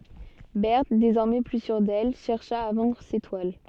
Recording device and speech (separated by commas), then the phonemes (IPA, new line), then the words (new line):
soft in-ear microphone, read sentence
bɛʁt dezɔʁmɛ ply syʁ dɛl ʃɛʁʃa a vɑ̃dʁ se twal
Berthe, désormais plus sûre d'elle, chercha à vendre ses toiles.